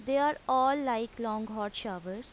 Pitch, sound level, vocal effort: 230 Hz, 90 dB SPL, loud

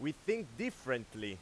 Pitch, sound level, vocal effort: 150 Hz, 95 dB SPL, very loud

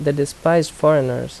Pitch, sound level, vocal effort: 150 Hz, 81 dB SPL, normal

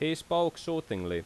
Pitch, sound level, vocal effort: 160 Hz, 89 dB SPL, very loud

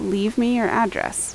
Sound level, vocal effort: 79 dB SPL, normal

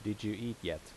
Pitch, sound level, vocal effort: 105 Hz, 81 dB SPL, normal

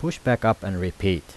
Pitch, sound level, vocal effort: 95 Hz, 82 dB SPL, normal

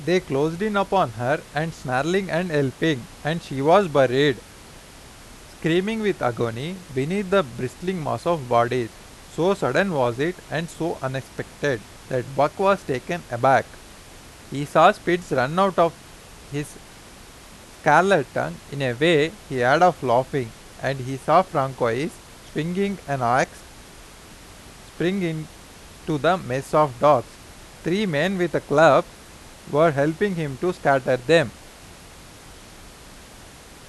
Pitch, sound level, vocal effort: 150 Hz, 91 dB SPL, loud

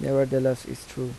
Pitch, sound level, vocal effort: 130 Hz, 81 dB SPL, soft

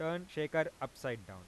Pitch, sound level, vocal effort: 150 Hz, 93 dB SPL, normal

